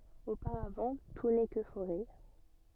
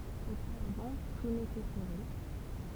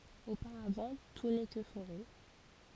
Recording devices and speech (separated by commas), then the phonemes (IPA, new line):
soft in-ear microphone, temple vibration pickup, forehead accelerometer, read sentence
opaʁavɑ̃ tu nɛ kə foʁɛ